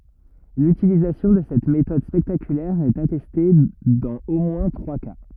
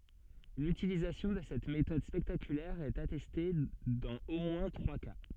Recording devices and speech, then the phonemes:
rigid in-ear microphone, soft in-ear microphone, read sentence
lytilizasjɔ̃ də sɛt metɔd spɛktakylɛʁ ɛt atɛste dɑ̃z o mwɛ̃ tʁwa ka

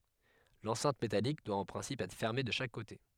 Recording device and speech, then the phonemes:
headset microphone, read sentence
lɑ̃sɛ̃t metalik dwa ɑ̃ pʁɛ̃sip ɛtʁ fɛʁme də ʃak kote

